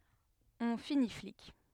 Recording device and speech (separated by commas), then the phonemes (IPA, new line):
headset microphone, read sentence
ɔ̃ fini flik